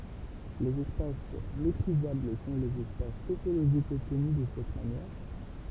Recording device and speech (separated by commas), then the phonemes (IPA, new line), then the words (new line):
temple vibration pickup, read sentence
lez ɛspas metʁizabl sɔ̃ lez ɛspas topoloʒikz ɔbtny də sɛt manjɛʁ
Les espaces métrisables sont les espaces topologiques obtenus de cette manière.